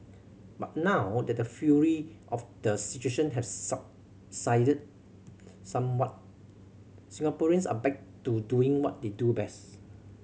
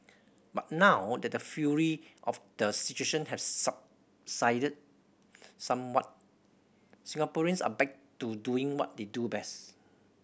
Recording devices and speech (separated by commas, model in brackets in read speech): mobile phone (Samsung C7100), boundary microphone (BM630), read sentence